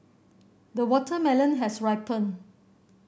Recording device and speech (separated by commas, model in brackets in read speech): boundary microphone (BM630), read sentence